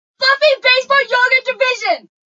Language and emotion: English, neutral